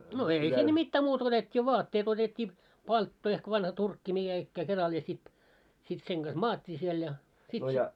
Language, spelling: Finnish, no ei sinne mitään muuta kuin otettiin vaatteet otettiin palttoo ehkä vanha turkki mikä ikään keralla ja sitten sitten sen kanssa maattiin siellä ja sitten se
- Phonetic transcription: no 'ei sinne 'mittää muutᵃ ko otet́t́ii "vaatteet ‿otet́t́ii , 'paltto ehk vanha 'turkki mikä₍ikkää 'keral ja sit , sit 'seŋ ɢas "maat́t́ii siel ja , sit se , .

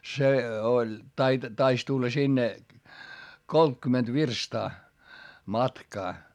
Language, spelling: Finnish, se oli - taisi tulla sinne kolmekymmentä virstaa matkaa
- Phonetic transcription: se oĺ , tait- , tais tulla sinne , koltkymment virstaa , matkaa .

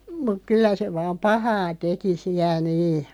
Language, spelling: Finnish, mutta kyllä se vain pahaa teki siellä niin
- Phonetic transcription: muᵏ "kyllä se vaam "pahaa 'teki 'siä 'nii .

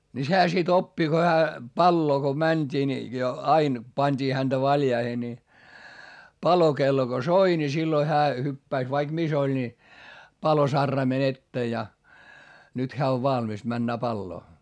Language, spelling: Finnish, niin sehän sitten oppi kun hän paloa kun mentiin niin jo aina pantiin häntä valjaisiin niin palokello kun soi niin silloin hän hyppäsi vaikka missä oli niin palosaraimen eteen ja nyt hän on valmis menemään paloa
- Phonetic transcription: ni sehä sit ‿oppi ko hää , palloo ko mäńD'ii ni jo ain , pańD'ii hänDä valjaihe ni , palokello ko soi ni silloi hää hyppäis - vaik mis ‿oĺ ni , palosarraimen ‿ettee ja , nyt heä ov valmis männää palloo .

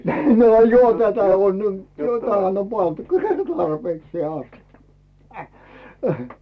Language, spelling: Finnish, no johan tätä on jo tähän on pantukin tarpeeksi asti hähä
- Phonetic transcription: no "johᴀ tätä 'on , 'jo tähän ‿om 'pantᴜkl , "tarpeeksⁱè 'astikka , hähä .

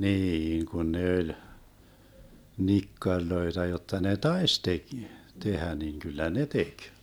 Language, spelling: Finnish, niin kun ne oli nikkareita jotta ne taisi - tehdä niin kyllä ne teki
- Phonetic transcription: 'niiŋ kun 'ne öĺ , 'nikkaŕloeta jotta ne "taes tek- , 'tehä niŋ kyllä "ne 'tek .

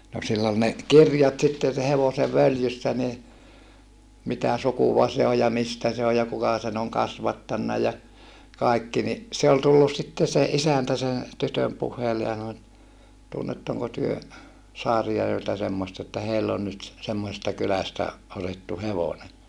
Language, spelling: Finnish, no sillä oli ne kirjat sitten sen hevosen följyssä niin mitä sukua se on ja mistä se on ja kuka sen on kasvattanut ja kaikki niin se oli tullut sitten se isäntä sen tytön puheille ja sanoi että tunnetteko te Saarijärveltä semmoista että heillä on nyt semmoisesta kylästä otettu hevonen
- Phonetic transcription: no sill ‿ol ne , kirjat sitten̬ se hevose völjyssä ni , mitä sukuva se o ja mistä se o ja kuka sen ‿oŋ kasvattanna ja , kàikki ni , se ol tullus sitte se ʼisäntä sen̬ , tytöm puh̀eille ja sano et , » tunnettoŋko työ , Saarijärveltä semmost ‿että heill ‿on nyt , semmosesta kylästä , otettu hevone » .

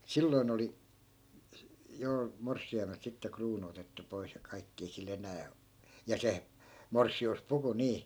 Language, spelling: Finnish, silloin oli jo morsiamelta sitten kruunu otettu pois ja kaikki ei sillä enää - ja se morsiuspuku niin
- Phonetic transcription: 'silloin ‿oli , jo , "morssi₍aimelt sitte 'kruunu otettu 'pois ja 'kaikki ei sil ‿enää o- , ja 'se , "morssi₍us'puku 'nii .

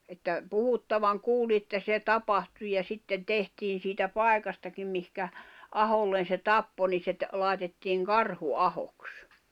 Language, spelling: Finnish, että puhuttavan kuulin että se tapahtui ja sitten tehtiin siitä paikastakin mihin aholle se tappoi niin se - laitettiin Karhuahoksi
- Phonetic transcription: että , 'puhuttavaŋ 'kuuli ᵉttä 'se 'tapahtu ja 'sitten "tehtiin siitä "pài̬kastakim mihkä , 'ahollen̬ se "tappo ni se ‿t- , lài̬tettiiŋ "Karhu'ahoks .

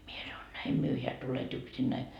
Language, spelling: Finnish, minä sanoin näin myöhään tulet yksinäsi
- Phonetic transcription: 'mie sanoi » 'näim 'myöheä tulet 'yksinnäi .

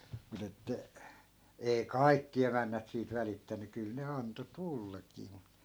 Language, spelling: Finnish, mutta että ei kaikki emännät siitä välittänyt kyllä ne antoi tullakin mutta
- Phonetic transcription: mut ‿että , ei̮ "kai̮kki 'emännät siit 'välittäny 'kyl ne 'anto "tullakii mu .

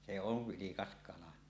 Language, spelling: Finnish, se on vilkas kala
- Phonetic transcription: se ov 'vilikas kala .

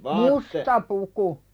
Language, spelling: Finnish, musta puku
- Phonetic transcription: musta 'puku .

